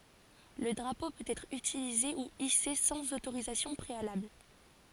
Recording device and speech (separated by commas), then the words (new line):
forehead accelerometer, read sentence
Le drapeau peut être utilisé ou hissé sans autorisation préalable.